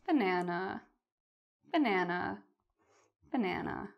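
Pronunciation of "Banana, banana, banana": "Banana" is said three times in a sad tone, and the voice falls.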